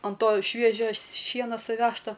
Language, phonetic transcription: Lithuanian, an ˈto ˈšviežio ˈšieno suˈvežto

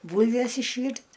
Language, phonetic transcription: Lithuanian, ˈbūlves išˈvyrt'

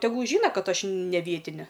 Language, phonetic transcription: Lithuanian, teˈgul ˈžyna ˈkad ˈaš ne ˈvietine

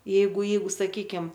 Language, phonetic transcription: Lithuanian, ˈjeigu ˈjeigu saˈkykim

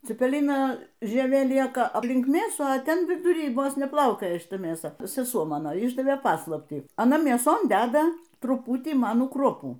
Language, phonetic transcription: Lithuanian, cipeˈlina žieˈvė ˈlieka apˈlink ˈmėsų a ˈten viduˈry ˈvos neˈplaukioja šiˈta mėˈsa seˈsuo ˈmano ˈišdavė ˈpaslaptį aˈna mėˈson ˈdeda truˈputį ˈmanų ˈkruopų

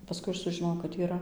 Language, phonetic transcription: Lithuanian, paˈskui ˈaš sužiˈnojau kad yˈra

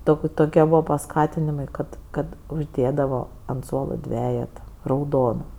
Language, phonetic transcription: Lithuanian, ˈtok' ˈtokie ˈbūva paˈskatinimai ˈkad ˈkad užˈdėdavo ant ˈsuolo ˈdvejeta rauˈdona

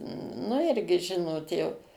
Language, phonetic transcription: Lithuanian, nu ˈirgi ˈžinot jau

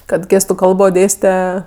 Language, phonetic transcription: Lithuanian, kad ˈgėstu ˈkalbo ˈdėste

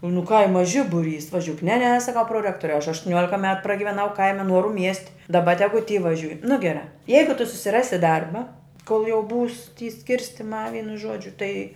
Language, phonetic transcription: Lithuanian, nu ˈkaima ˈžibuˌrys vaˈžiūk ne ne saˈkau proˈrektoriau aš aštuˈniuolika met pragiveˈnau ˈkaime ˈnuoru miest' daˈba ˈtegu ty vaˈžiūj nu geˈrā ˈjeigu tu susiˈrasi ˈdarba kol jau būs ty ˈskirstimā ˈvynu ˈžuodžiu tai

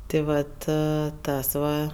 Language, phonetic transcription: Lithuanian, ti ˈvat ˈtas va

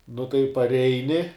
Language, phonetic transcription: Lithuanian, nu tai parˈeini

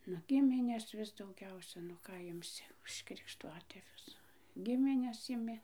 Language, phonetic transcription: Lithuanian, nu ˈgimines ˈvis dauˈgiausia nu ˈką imˈsi už krikšˈtuatėvius ˈgimines iˈmi

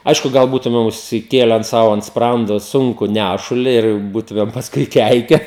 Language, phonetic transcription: Lithuanian, ˈaišku ˈgal ˈbūtumem užsiˈkėlen ˈsau ant ˈsprando ˈsunku ˈnæšuli ir ˈbūtumem pasˈkui ˈkeike

